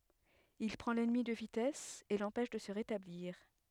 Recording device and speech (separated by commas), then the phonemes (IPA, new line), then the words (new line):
headset microphone, read sentence
il pʁɑ̃ lɛnmi də vitɛs e lɑ̃pɛʃ də sə ʁetabliʁ
Il prend l'ennemi de vitesse et l'empêche de se rétablir.